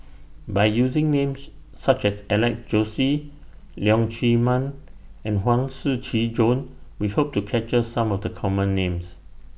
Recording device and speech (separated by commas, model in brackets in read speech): boundary microphone (BM630), read sentence